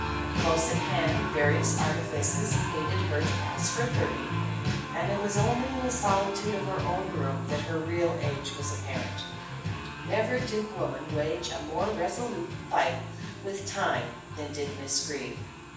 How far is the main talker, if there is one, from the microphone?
9.8 m.